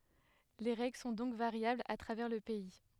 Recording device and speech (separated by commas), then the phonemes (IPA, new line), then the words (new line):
headset microphone, read sentence
le ʁɛɡl sɔ̃ dɔ̃k vaʁjablz a tʁavɛʁ lə pɛi
Les règles sont donc variables à travers le pays.